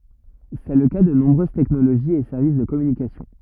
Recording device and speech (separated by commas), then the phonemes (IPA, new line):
rigid in-ear microphone, read sentence
sɛ lə ka də nɔ̃bʁøz tɛknoloʒiz e sɛʁvis də kɔmynikasjɔ̃